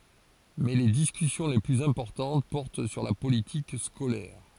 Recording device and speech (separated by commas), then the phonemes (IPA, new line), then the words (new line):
forehead accelerometer, read sentence
mɛ le diskysjɔ̃ le plyz ɛ̃pɔʁtɑ̃t pɔʁt syʁ la politik skolɛʁ
Mais les discussions les plus importantes portent sur la politique scolaire.